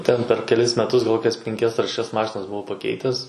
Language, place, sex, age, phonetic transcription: Lithuanian, Suvalkija, male, 18-60, ˈten per keˈlis meˈtus gal ˈkokias penˈkias ar šeˈšias ˈmašinas buˈvau paˈkeites

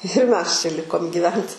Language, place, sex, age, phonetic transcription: Lithuanian, Aukštaitija, female, 18-60, ir mes čia ˈlikom gyˈvent

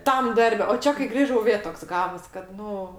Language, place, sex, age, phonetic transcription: Lithuanian, Aukštaitija, female, 60+, ˈtam ˈdarbe o ˈčia kai ˈgrįžau ˈvė ˈtoks ˈgavos kad ˈnu

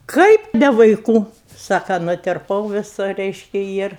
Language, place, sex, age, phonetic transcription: Lithuanian, Aukštaitija, female, 60+, ˈkaip ne vaiˈkų ˈsaka nutirˈpau viˈsu ˈreiški ˈjir

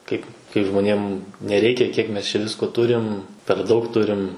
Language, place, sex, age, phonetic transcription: Lithuanian, Suvalkija, male, 18-60, ˈkaip kai žmoˈnėm neˈreikia kiek ˈmes čia ˈvisko ˈturim per ˈdaug ˈturim

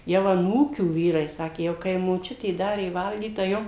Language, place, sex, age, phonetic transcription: Lithuanian, Suvalkija, female, 60+, jau aˈnūkių ˈvyrai ˈsakė jau kai moˈčiutė ˈdarė ˈvalgyt tai ˈjom

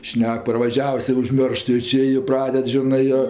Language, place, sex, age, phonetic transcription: Lithuanian, Aukštaitija, female, 60+, ˈšnek parvaˈžiavus ir užˈmioršt jo ˈči ji ˈpraded ˈžinɜ jo

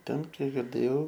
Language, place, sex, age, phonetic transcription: Lithuanian, Aukštaitija, male, 18-60, ˈten ˈkiek girˈdėjau

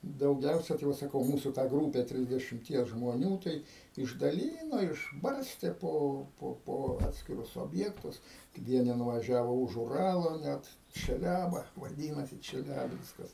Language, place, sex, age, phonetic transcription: Lithuanian, Aukštaitija, male, 60+, dauˈgiausia tai ˈva saˈkau ˈmūsu tą ˈgrūpe trisdešimˈties žmoˈnių tai išdaˈlyno išˈbarstė ˈpo ˈpo po ˈatskirus obˈjektus ˈvieni nunuvaˈžiavo už uˈralo net čeˈliaba vaˈdynasi čeˈliabinskas

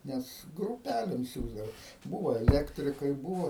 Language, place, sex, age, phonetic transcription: Lithuanian, Aukštaitija, male, 60+, ˈnes gruˈpælim ˈsiųsdava ˈbūvo eˈlektrikai ˈbūvo

